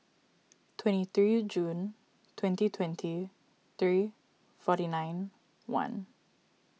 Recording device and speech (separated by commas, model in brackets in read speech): mobile phone (iPhone 6), read sentence